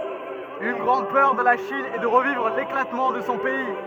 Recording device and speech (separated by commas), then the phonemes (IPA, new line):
rigid in-ear microphone, read sentence
yn ɡʁɑ̃d pœʁ də la ʃin ɛ də ʁəvivʁ leklatmɑ̃ də sɔ̃ pɛi